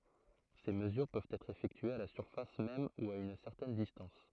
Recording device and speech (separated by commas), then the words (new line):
throat microphone, read sentence
Ces mesures peuvent être effectuées à la surface même ou à une certaine distance.